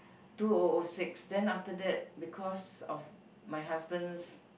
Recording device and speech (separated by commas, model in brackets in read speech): boundary microphone, conversation in the same room